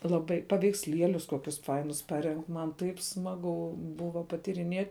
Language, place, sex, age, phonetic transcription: Lithuanian, Žemaitija, female, 18-60, laˈbai paveiksˈlielius ˈkokius ˈfainus ˈparenk man ˈtaip ˈsmagu ˈbuva patyriˈniet'

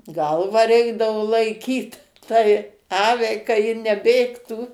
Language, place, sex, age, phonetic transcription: Lithuanian, Suvalkija, female, 60+, ˈgalvą ˈreikdavo laiˈkyt tai ˈaviai ka ˈji neˈbėgtų

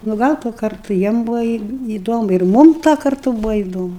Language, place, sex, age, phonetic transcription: Lithuanian, Aukštaitija, female, 60+, nu ˈgal tuo ˈkartu ˈjiem ˈbūvo į įˈdomu ir ˈmum tuo karˈtu ˈbūvo įˈdomu

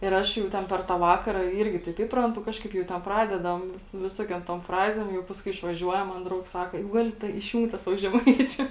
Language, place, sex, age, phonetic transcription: Lithuanian, Žemaitija, female, 18-60, ir ˈaš jau ˈten per tą ˈvakara ˈyrgi taip ˈįprantu ˈkažkaip jau ten ˈpradedam ˈvisokiom tom ˈfrazėm ˈjau pasˈkui išvaˈžiuojam man ˈdraugs ˈsaka jau ˈgali ta išˈjūnk tą ˈsavo žeˈmaičiu

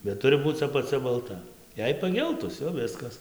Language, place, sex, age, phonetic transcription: Lithuanian, Dzūkija, male, 18-60, bet ˈturi ˈbūc apaˈcia balˈta ˈjei paˈgeltus jau ˈviskas

